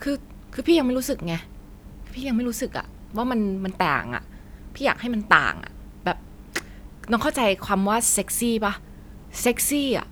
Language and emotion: Thai, frustrated